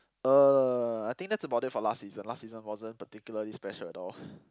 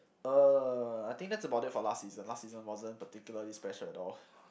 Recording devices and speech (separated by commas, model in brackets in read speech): close-talking microphone, boundary microphone, conversation in the same room